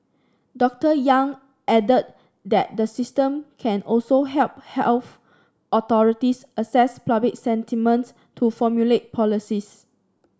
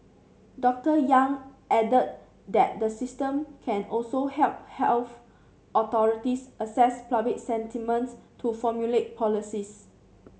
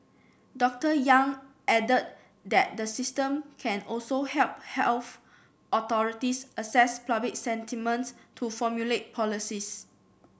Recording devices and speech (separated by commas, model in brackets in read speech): standing microphone (AKG C214), mobile phone (Samsung C7), boundary microphone (BM630), read sentence